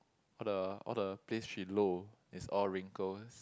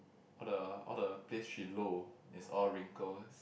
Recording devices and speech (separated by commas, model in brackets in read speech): close-talking microphone, boundary microphone, conversation in the same room